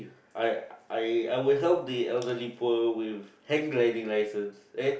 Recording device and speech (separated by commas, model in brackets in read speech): boundary microphone, conversation in the same room